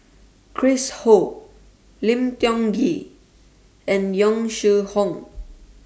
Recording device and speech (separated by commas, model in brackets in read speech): standing microphone (AKG C214), read sentence